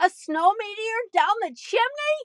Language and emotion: English, surprised